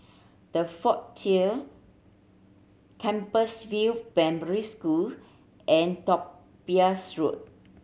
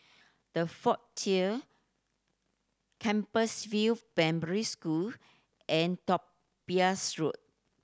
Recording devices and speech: mobile phone (Samsung C7100), standing microphone (AKG C214), read sentence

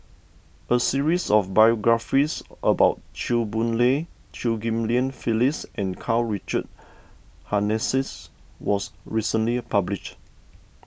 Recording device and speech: boundary microphone (BM630), read sentence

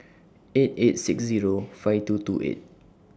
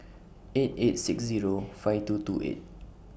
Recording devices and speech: standing microphone (AKG C214), boundary microphone (BM630), read sentence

